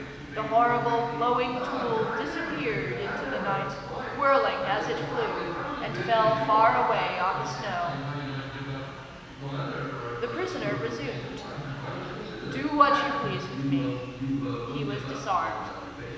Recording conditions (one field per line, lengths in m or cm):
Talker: one person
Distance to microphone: 1.7 m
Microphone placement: close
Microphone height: 1.0 m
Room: very reverberant, large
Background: television